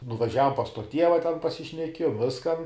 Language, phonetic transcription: Lithuanian, nuvaˈžiavom pas to ˈtieva ten pasišneˈkiejom ˈviskan

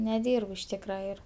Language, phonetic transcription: Lithuanian, neˈdyrb iš ˈtykra ˈir

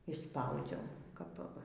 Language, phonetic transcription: Lithuanian, išˈspaudziau ˈkap

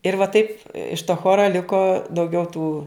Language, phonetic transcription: Lithuanian, ir va ˈtaip iš to ˈchora ˈliko dauˈgiau tų

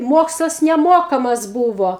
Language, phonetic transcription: Lithuanian, ˈmokslas neˈmokamas ˈbūvo

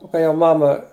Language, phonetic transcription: Lithuanian, o kai jau ˈmama

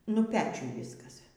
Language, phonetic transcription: Lithuanian, nu ˈpečiuj ˈvyskas

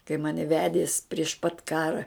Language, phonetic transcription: Lithuanian, kai ˈmani ˈvedies prieš pat ˈkara

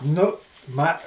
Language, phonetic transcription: Lithuanian, ˈnu ˈma

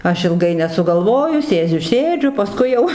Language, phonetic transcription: Lithuanian, ˈaš ilˈgai nesugalˈvoju ˈsėdziu ˈsėdžiu paˈskui jau

